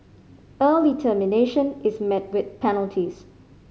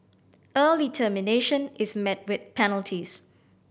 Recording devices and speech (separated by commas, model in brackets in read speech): mobile phone (Samsung C5010), boundary microphone (BM630), read sentence